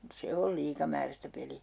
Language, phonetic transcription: Finnish, 'se ol "liikamäärästä 'peli₍ä .
- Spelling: se on liikamääräistä peliä

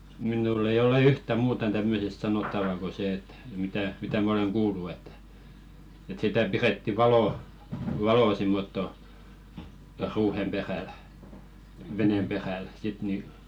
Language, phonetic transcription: Finnish, minùll ‿ei ole 'yhtä "muutan tämmösest 'sanottava ko se et , mitä , 'mitä mä 'oleŋ "kuullu ettᴀ̈ , et sitä 'piretti "valò , "valò simmotto , ruuhem 'perä̀l , venem 'peräl sit ni .
- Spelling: minulla ei ole yhtään muuta tämmöisestä sanottavaa kuin se että mitä mitä minä olen kuullut että että sitä pidettiin valoa valoa semmottoon ruuhen perällä veneen perällä sitten niin

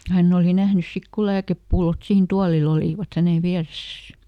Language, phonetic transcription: Finnish, ˈhänn ‿òli ˈnähnys ˈsik ko ˈlääkeppullot siin "tualil ‿olìvat ˈhänen̬ ˈviäresäs .
- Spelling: hän oli nähnyt sitten kun lääkepullot siinä tuolilla olivat hänen vieressään

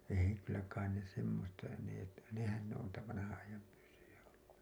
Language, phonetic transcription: Finnish, ei , kyllä kain ne semmosta , nè , nehän ne on niitä vanahaa̰₍ajam pyssyjä ollu .
- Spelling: ei kyllä kai ne semmoista ne nehän ne on niitä vanhan ajan pyssyjä ollut

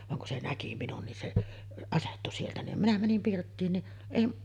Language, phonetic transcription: Finnish, vaŋ kun se "näki 'minun nin se 'asettu sieltä nim minä 'mänim 'pirttiin ni , èi ,.
- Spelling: vaan kun se näki minun niin se asettui sieltä niin minä menin pirttiin niin ei

